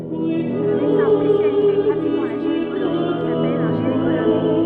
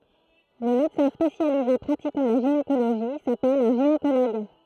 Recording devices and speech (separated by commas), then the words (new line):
soft in-ear microphone, throat microphone, read sentence
Le médecin spécialisé pratiquant la gynécologie s'appelle un gynécologue.